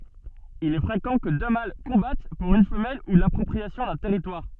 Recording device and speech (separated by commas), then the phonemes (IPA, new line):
soft in-ear microphone, read sentence
il ɛ fʁekɑ̃ kə dø mal kɔ̃bat puʁ yn fəmɛl u lapʁɔpʁiasjɔ̃ dœ̃ tɛʁitwaʁ